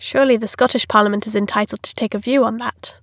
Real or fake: real